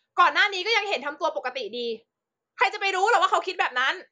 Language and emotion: Thai, angry